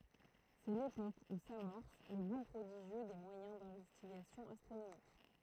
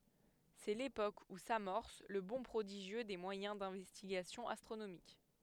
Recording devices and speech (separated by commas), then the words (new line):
throat microphone, headset microphone, read sentence
C'est l'époque où s'amorce le bond prodigieux des moyens d'investigation astronomique.